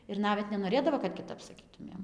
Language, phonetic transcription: Lithuanian, ir ˈnavet nenoˈrėdavo kad kiˈtap saˈkytumėm

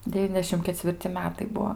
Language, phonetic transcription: Lithuanian, deˈvyniasdešim kecvirˈci ˈmetai ˈbuo

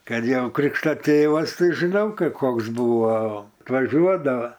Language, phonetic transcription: Lithuanian, ˈkad ˈjau ˈkrikšto ˈtėvas ˈtai ˈžinau ˈkai ˈkoks ˈbuvo tvaˈžiuodava

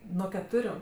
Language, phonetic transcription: Lithuanian, nuo keˈturiu

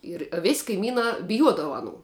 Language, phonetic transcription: Lithuanian, ˈir a vis' kaiˈmynā biˈjuodava aˈnų

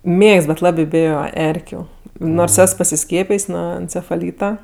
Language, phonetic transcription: Lithuanian, ˈmėgst bet ˈlabė ˈbėjo ˈerkiu ˈnors ˈes pasiˈskiepijs' ˈnuo encefaˈlyta

